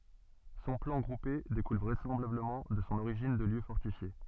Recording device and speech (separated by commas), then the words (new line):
soft in-ear microphone, read sentence
Son plan groupé découle vraisemblablement de son origine de lieu fortifié.